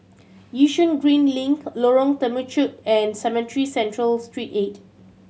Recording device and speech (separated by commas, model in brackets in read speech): mobile phone (Samsung C7100), read sentence